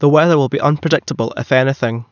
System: none